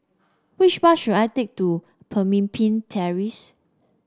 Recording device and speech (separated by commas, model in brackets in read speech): standing microphone (AKG C214), read sentence